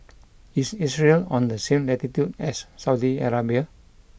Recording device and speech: boundary microphone (BM630), read sentence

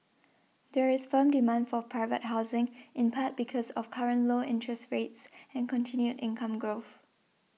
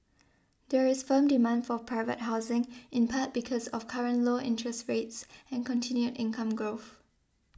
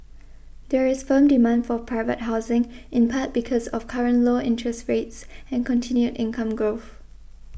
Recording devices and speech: mobile phone (iPhone 6), standing microphone (AKG C214), boundary microphone (BM630), read sentence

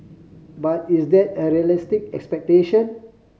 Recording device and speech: mobile phone (Samsung C5010), read sentence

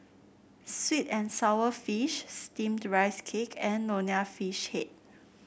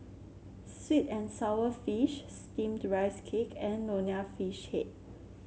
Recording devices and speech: boundary microphone (BM630), mobile phone (Samsung C7), read sentence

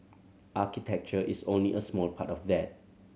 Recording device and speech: mobile phone (Samsung C7100), read sentence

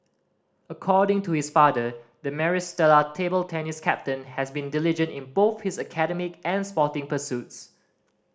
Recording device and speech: standing microphone (AKG C214), read sentence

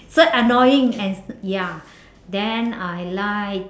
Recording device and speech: standing microphone, conversation in separate rooms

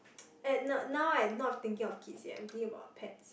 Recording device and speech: boundary microphone, conversation in the same room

